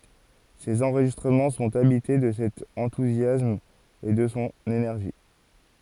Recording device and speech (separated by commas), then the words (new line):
forehead accelerometer, read sentence
Ses enregistrements sont habités de cet enthousiasme et de son énergie.